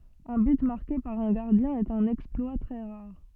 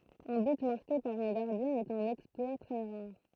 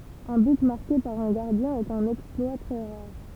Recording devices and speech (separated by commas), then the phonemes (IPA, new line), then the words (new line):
soft in-ear microphone, throat microphone, temple vibration pickup, read sentence
œ̃ byt maʁke paʁ œ̃ ɡaʁdjɛ̃ ɛt œ̃n ɛksplwa tʁɛ ʁaʁ
Un but marqué par un gardien est un exploit très rare.